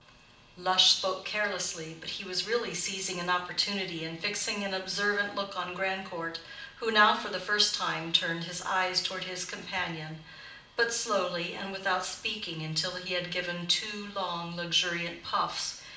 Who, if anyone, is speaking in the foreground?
One person.